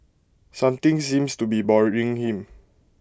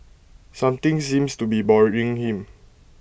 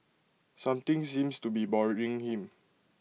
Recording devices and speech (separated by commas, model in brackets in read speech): close-talking microphone (WH20), boundary microphone (BM630), mobile phone (iPhone 6), read sentence